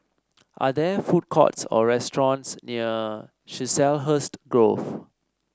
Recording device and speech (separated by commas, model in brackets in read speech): standing microphone (AKG C214), read sentence